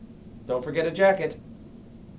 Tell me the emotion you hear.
neutral